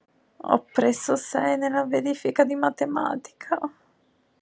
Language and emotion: Italian, sad